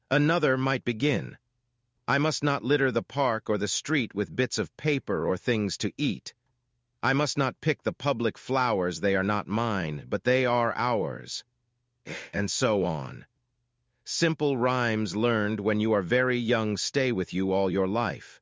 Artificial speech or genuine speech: artificial